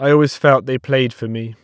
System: none